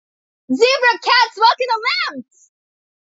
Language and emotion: English, happy